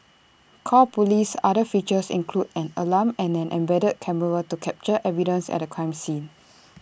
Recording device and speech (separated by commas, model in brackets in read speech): boundary microphone (BM630), read sentence